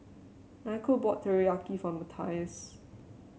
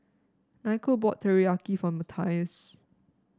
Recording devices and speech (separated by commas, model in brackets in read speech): mobile phone (Samsung C7), standing microphone (AKG C214), read sentence